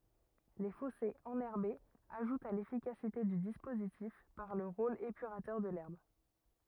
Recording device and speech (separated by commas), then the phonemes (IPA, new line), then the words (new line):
rigid in-ear microphone, read sentence
le fɔsez ɑ̃nɛʁbez aʒutt a lefikasite dy dispozitif paʁ lə ʁol epyʁatœʁ də lɛʁb
Les fossés enherbés ajoutent à l'efficacité du dispositif par le rôle épurateur de l'herbe.